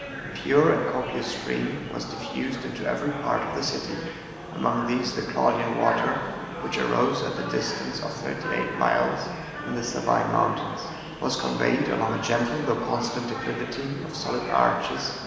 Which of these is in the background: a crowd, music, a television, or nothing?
Crowd babble.